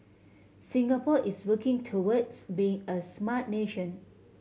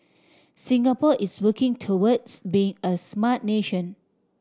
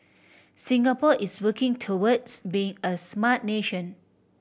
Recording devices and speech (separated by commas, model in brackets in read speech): mobile phone (Samsung C7100), standing microphone (AKG C214), boundary microphone (BM630), read sentence